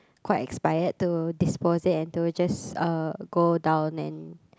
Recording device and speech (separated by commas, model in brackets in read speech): close-talking microphone, conversation in the same room